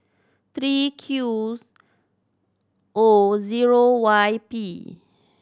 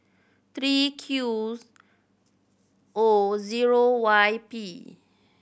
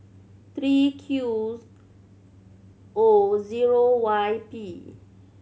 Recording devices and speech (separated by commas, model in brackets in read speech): standing microphone (AKG C214), boundary microphone (BM630), mobile phone (Samsung C7100), read sentence